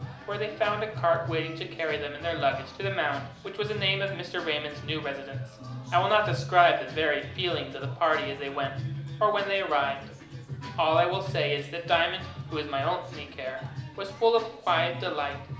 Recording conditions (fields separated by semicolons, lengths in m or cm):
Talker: one person; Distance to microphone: 2.0 m; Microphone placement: close; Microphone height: 99 cm; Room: medium-sized (5.7 m by 4.0 m); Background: music